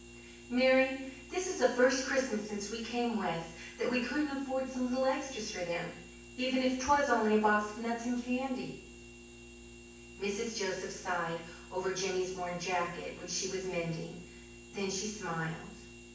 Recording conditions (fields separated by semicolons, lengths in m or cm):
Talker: one person; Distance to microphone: 9.8 m; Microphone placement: far; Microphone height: 1.8 m; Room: large; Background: none